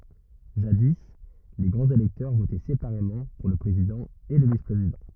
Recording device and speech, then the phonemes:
rigid in-ear microphone, read sentence
ʒadi le ɡʁɑ̃z elɛktœʁ votɛ sepaʁemɑ̃ puʁ lə pʁezidɑ̃ e lə vispʁezidɑ̃

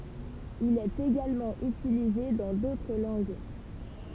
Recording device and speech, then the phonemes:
temple vibration pickup, read sentence
il ɛt eɡalmɑ̃ ytilize dɑ̃ dotʁ lɑ̃ɡ

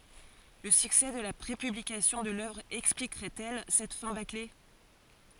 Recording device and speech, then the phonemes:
forehead accelerometer, read sentence
lə syksɛ də la pʁepyblikasjɔ̃ də lœvʁ ɛksplikʁɛt ɛl sɛt fɛ̃ bakle

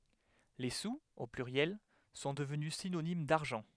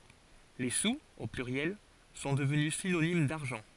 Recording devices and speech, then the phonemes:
headset microphone, forehead accelerometer, read sentence
le suz o plyʁjɛl sɔ̃ dəvny sinonim daʁʒɑ̃

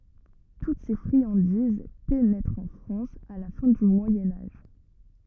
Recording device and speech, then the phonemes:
rigid in-ear microphone, read sentence
tut se fʁiɑ̃diz penɛtʁt ɑ̃ fʁɑ̃s a la fɛ̃ dy mwajɛ̃ aʒ

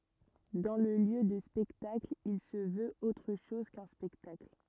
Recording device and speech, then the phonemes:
rigid in-ear microphone, read sentence
dɑ̃ lə ljø də spɛktakl il sə vøt otʁ ʃɔz kœ̃ spɛktakl

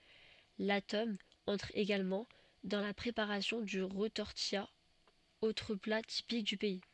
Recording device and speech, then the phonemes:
soft in-ear microphone, read sentence
la tɔm ɑ̃tʁ eɡalmɑ̃ dɑ̃ la pʁepaʁasjɔ̃ dy ʁətɔʁtija otʁ pla tipik dy pɛi

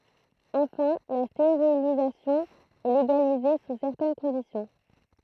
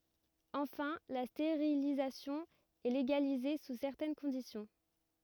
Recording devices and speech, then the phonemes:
throat microphone, rigid in-ear microphone, read sentence
ɑ̃fɛ̃ la steʁilizasjɔ̃ ɛ leɡalize su sɛʁtɛn kɔ̃disjɔ̃

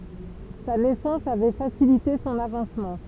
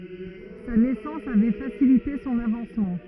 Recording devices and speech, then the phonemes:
temple vibration pickup, rigid in-ear microphone, read sentence
sa nɛsɑ̃s avɛ fasilite sɔ̃n avɑ̃smɑ̃

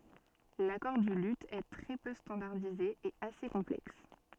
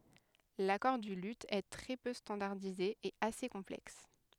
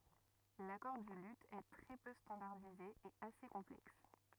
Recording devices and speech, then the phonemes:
soft in-ear microphone, headset microphone, rigid in-ear microphone, read sentence
lakɔʁ dy ly ɛ tʁɛ pø stɑ̃daʁdize e ase kɔ̃plɛks

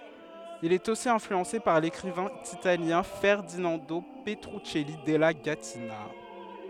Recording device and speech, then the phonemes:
headset microphone, read sentence
il ɛt osi ɛ̃flyɑ̃se paʁ lekʁivɛ̃ italjɛ̃ fɛʁdinɑ̃do pətʁyksɛli dɛla ɡatina

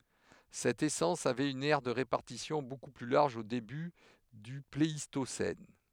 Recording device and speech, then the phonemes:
headset microphone, read sentence
sɛt esɑ̃s avɛt yn ɛʁ də ʁepaʁtisjɔ̃ boku ply laʁʒ o deby dy pleistosɛn

